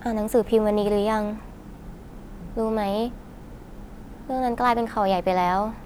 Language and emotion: Thai, sad